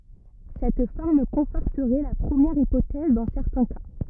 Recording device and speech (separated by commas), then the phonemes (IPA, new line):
rigid in-ear microphone, read sentence
sɛt fɔʁm kɔ̃fɔʁtəʁɛ la pʁəmjɛʁ ipotɛz dɑ̃ sɛʁtɛ̃ ka